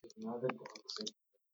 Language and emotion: English, sad